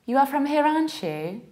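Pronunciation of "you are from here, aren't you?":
In 'you are from here, aren't you?' the words are linked and reduced instead of being said separately, which sounds more native-like.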